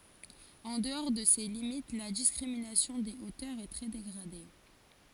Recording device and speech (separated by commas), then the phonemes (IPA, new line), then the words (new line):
forehead accelerometer, read sentence
ɑ̃ dəɔʁ də se limit la diskʁiminasjɔ̃ de otœʁz ɛ tʁɛ deɡʁade
En dehors de ces limites, la discrimination des hauteurs est très dégradée.